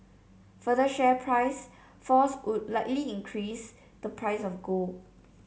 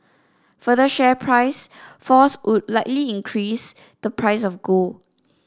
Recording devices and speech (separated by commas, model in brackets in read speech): mobile phone (Samsung C7), standing microphone (AKG C214), read sentence